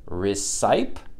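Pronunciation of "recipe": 'Recipe' is pronounced incorrectly here.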